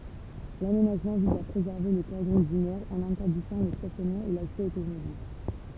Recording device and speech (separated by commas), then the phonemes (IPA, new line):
temple vibration pickup, read sentence
lamenaʒmɑ̃ viz a pʁezɛʁve lə kɔʁdɔ̃ dynɛʁ ɑ̃n ɛ̃tɛʁdizɑ̃ lə stasjɔnmɑ̃ e laksɛ otomobil